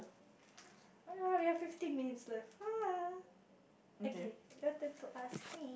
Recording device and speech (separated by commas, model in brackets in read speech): boundary microphone, conversation in the same room